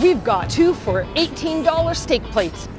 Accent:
In American accent